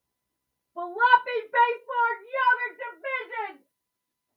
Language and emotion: English, angry